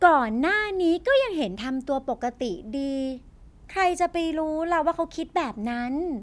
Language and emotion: Thai, frustrated